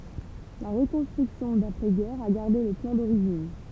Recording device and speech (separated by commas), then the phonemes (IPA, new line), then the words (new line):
temple vibration pickup, read sentence
la ʁəkɔ̃stʁyksjɔ̃ dapʁɛ ɡɛʁ a ɡaʁde lə plɑ̃ doʁiʒin
La reconstruction d’après guerre a gardé le plan d’origine.